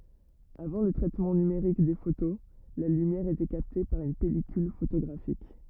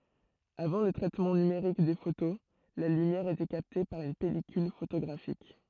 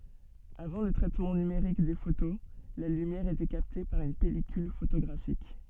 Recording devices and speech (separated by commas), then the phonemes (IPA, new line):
rigid in-ear microphone, throat microphone, soft in-ear microphone, read sentence
avɑ̃ lə tʁɛtmɑ̃ nymeʁik de foto la lymjɛʁ etɛ kapte paʁ yn pɛlikyl fotoɡʁafik